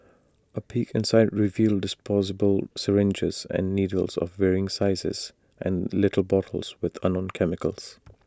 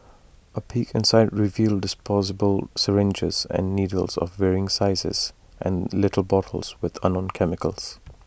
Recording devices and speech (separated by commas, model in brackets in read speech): standing microphone (AKG C214), boundary microphone (BM630), read sentence